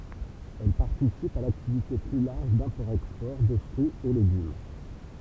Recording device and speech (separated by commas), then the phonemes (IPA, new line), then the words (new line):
temple vibration pickup, read sentence
ɛl paʁtisipt a laktivite ply laʁʒ dɛ̃pɔʁtɛkspɔʁ də fʁyiz e leɡym
Elles participent à l'activité plus large d'import-export de fruits et légumes.